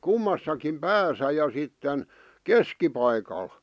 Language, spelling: Finnish, kummassakin päässä ja sitten keskipaikalla
- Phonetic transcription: kummassakim "pääsä ja sitten , "keskipaikal .

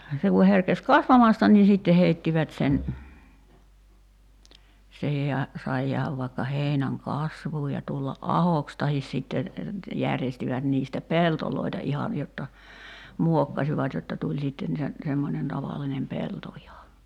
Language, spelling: Finnish, se kun herkesi kasvamasta niin sitten heittivät sen siihen ja sai jäädä vaikka heinän kasvuun ja tulla ahoksi tai sitten järjestivät niistä peltoja ihan jotta muokkasivat jotta tuli sitten sen semmoinen tavallinen pelto ihan
- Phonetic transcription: 'se ku herkes "kasvamasta nii "sitte 'heittivät sen , (sihij) ja , 'sai jiähäv vai̬kka 'heinäŋ "kasvuuj ja 'tulla’ "’ahoks tahis sìtte , 'järjestivät 'niistä "peltoloita 'ihan̳§ jotta , 'muokkasivat jotta 'tuĺ sìtten sen , semmonen 'tavallinem "pelto iha .

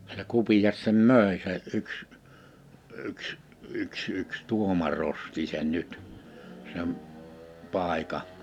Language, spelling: Finnish, se Kupias sen myi se yksi yksi yksi yksi tuomari osti sen nyt sen paikan
- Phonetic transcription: se 'Kupiʲas sem "mö̀e se ’yks , ’yks , ’yks ’yks 'tuoma'r ‿osti sen 'nyt , sem , 'pàika .

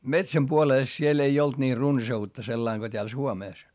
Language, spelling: Finnish, metsän puolesta siellä ei ollut niin runsautta sellainen kuin täällä Suomessa
- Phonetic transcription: metsäm puolès siel ‿ei olt nii runsa₍utta sellaiŋ Go t́eäl Suomès .

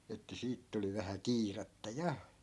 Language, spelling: Finnish, että siitä tuli vähän kiirettä ja
- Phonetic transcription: että 'siit tuli vähä "kiiratta 'ja .

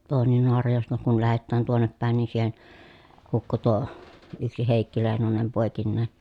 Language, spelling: Finnish, tuonne Naarajoesta kun lähetään tuonne päin niin siihen hukkui tuo yksi Heikki Leinonen poikineen
- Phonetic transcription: toonen Noarajòesta kun lähettään tuonnep pä̀en ni siihen , hukku tuo , yksi Hèikki Lèi̮nonem pòekinnee .

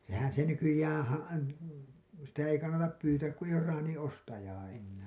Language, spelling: Finnish, sehän se nykyään - sitä ei kannata pyytää kun ei ole traanin ostajaa enää
- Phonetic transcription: sehän se nykyjään̬ ha- , sitä ei kannatap 'pyytääk ku eiʲ ‿oor 'raaniḭ "’ostajaa '’ennää .

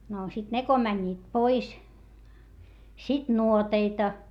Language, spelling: Finnish, no sitten ne kun menivät pois sitten nuoteita
- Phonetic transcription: no sit ne ko mäńńiit pois , sit nuoteita .

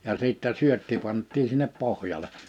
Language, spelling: Finnish, ja sitten syötti pantiin sinne pohjalle
- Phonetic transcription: ja 'sìttä 'syötti 'panttiin̬ sinnep 'pohjale .

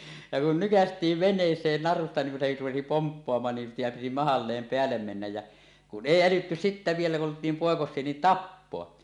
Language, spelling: Finnish, ja kun nykäistiin veneeseen narusta niin kun se rupesi pomppaamaan niin pian piti mahalleen päälle mennä ja kun ei älytty sitten vielä kun oltiin poikasia niin tappaa
- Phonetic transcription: ja kun 'nykäst̀iiv "ven̆nees̀een 'narusta niiŋ kun se 'rupesi "pomppoamaan nim piʲam piti "mahalleem 'peällem mennäj jä , 'kun "ˀèi 'älytty sittä vielä kun olt̀iim 'pòekos̀ie 'niin "tappoa .

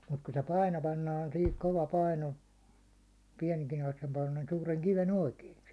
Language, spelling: Finnish, mutta kun se paino pannaan siihen kova paino suuren kiven oikein
- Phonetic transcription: mut ku se 'paino 'pannaan sihik 'kova 'paino , 'suureŋ 'kive'n ‿oikee .

